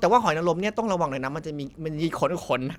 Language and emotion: Thai, neutral